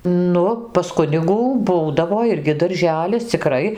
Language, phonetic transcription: Lithuanian, ˈnu pas ˈkunigų ˈbūdavo ˈirgi darˈželis ciˈkrai

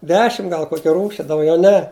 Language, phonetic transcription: Lithuanian, ˈdešim ˈgal ˈkoki ˈrūši dauˈgiau ˈne

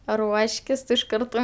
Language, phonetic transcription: Lithuanian, ˈruoškis tu iš ˈkarto

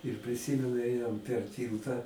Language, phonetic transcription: Lithuanian, ir priˈsymenu ˈėjom per ˈtylta

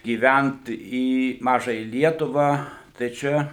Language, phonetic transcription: Lithuanian, gyˈvænt į ˈmažaja ˈlietuvą tai ˈčia

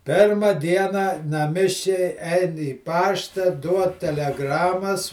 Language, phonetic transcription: Lithuanian, ˈpėrma ˈdiena naˈmiškiai ˈein į ˈpašta ˈduod teleˈgramas

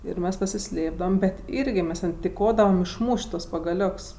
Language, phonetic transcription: Lithuanian, ir ˈmes pasiˈslėpdavam bet ˈirgi ˈmes ˈten tiˈkodavam išˈmūš't' tuos pagaˈlioks

